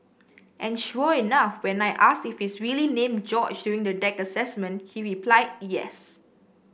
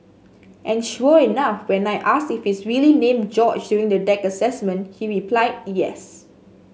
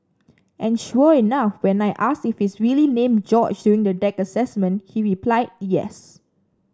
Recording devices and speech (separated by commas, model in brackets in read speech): boundary microphone (BM630), mobile phone (Samsung S8), standing microphone (AKG C214), read sentence